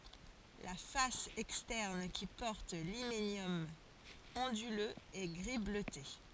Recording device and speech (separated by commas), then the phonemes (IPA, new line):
forehead accelerometer, read sentence
la fas ɛkstɛʁn ki pɔʁt limenjɔm ɔ̃dyløz ɛ ɡʁi bløte